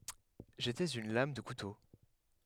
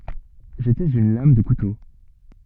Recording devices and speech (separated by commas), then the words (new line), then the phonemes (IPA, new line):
headset microphone, soft in-ear microphone, read sentence
J'étais une lame de couteau.
ʒetɛz yn lam də kuto